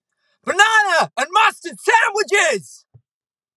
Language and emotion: English, angry